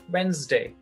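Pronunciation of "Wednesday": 'Wednesday' is pronounced correctly here.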